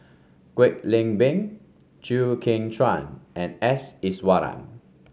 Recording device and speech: mobile phone (Samsung C5), read sentence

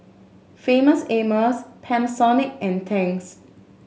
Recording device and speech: mobile phone (Samsung S8), read sentence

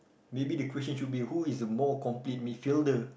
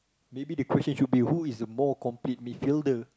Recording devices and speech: boundary microphone, close-talking microphone, conversation in the same room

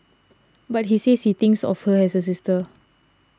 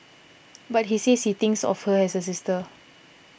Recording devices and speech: standing microphone (AKG C214), boundary microphone (BM630), read sentence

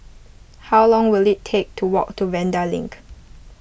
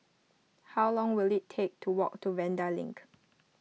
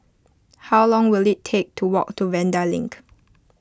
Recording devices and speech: boundary microphone (BM630), mobile phone (iPhone 6), close-talking microphone (WH20), read sentence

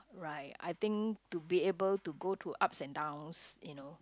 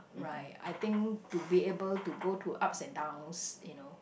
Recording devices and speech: close-talking microphone, boundary microphone, conversation in the same room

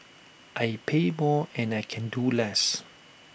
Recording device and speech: boundary microphone (BM630), read sentence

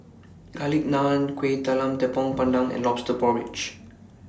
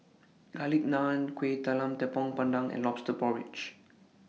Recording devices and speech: standing microphone (AKG C214), mobile phone (iPhone 6), read sentence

